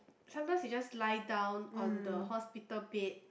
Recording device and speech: boundary microphone, conversation in the same room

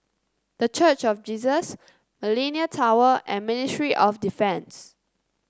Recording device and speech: close-talking microphone (WH30), read sentence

